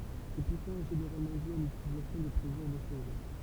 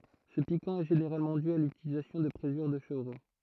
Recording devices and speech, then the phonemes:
temple vibration pickup, throat microphone, read sentence
sə pikɑ̃ ɛ ʒeneʁalmɑ̃ dy a lytilizasjɔ̃ də pʁezyʁ də ʃəvʁo

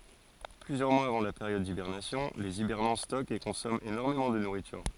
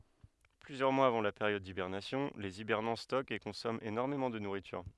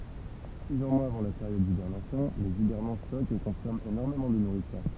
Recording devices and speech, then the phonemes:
forehead accelerometer, headset microphone, temple vibration pickup, read sentence
plyzjœʁ mwaz avɑ̃ la peʁjɔd dibɛʁnasjɔ̃ lez ibɛʁnɑ̃ stɔkt e kɔ̃sɔmɑ̃ enɔʁmemɑ̃ də nuʁityʁ

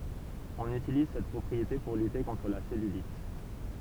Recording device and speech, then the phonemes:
temple vibration pickup, read sentence
ɔ̃n ytiliz sɛt pʁɔpʁiete puʁ lyte kɔ̃tʁ la sɛlylit

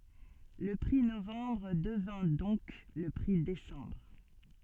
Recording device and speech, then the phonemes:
soft in-ear microphone, read sentence
lə pʁi novɑ̃bʁ dəvɛ̃ dɔ̃k lə pʁi desɑ̃bʁ

